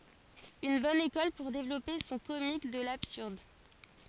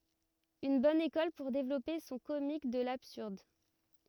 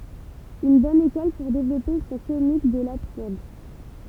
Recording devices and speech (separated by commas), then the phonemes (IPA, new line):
forehead accelerometer, rigid in-ear microphone, temple vibration pickup, read sentence
yn bɔn ekɔl puʁ devlɔpe sɔ̃ komik də labsyʁd